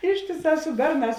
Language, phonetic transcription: Lithuanian, ˈištėˌsā su ˈberˌnās

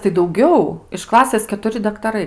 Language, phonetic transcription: Lithuanian, tai dauˈgiau iš ˈklasės ketuˈri daktaˈrai

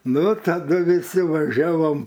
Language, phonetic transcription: Lithuanian, ˈnu taˈdu viˈsi vaˈžiavom

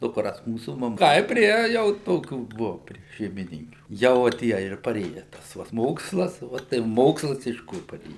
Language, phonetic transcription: Lithuanian, dukˈras ˈmūsų maˈma ˈtaip ˈprie jau ˈtokių ˈbuo prie šeimiˈninkių ˈjau va ˈtie ir paˈrėja ˈtas va s ˈmokslas ˈva tai ˈmokslas iš ˈkur paˈrėja

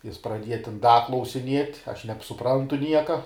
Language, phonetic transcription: Lithuanian, ˈjis praˈdieja tin ˈda klausiˈniet' aš nebsuˈprantu ˈnieka

